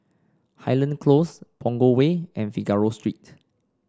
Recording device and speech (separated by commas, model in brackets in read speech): standing microphone (AKG C214), read sentence